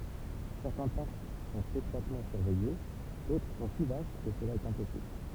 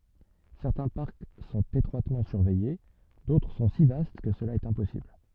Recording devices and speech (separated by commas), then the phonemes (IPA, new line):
temple vibration pickup, soft in-ear microphone, read sentence
sɛʁtɛ̃ paʁk sɔ̃t etʁwatmɑ̃ syʁvɛje dotʁ sɔ̃ si vast kə səla ɛt ɛ̃pɔsibl